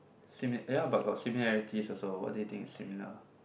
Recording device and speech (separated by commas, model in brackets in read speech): boundary microphone, conversation in the same room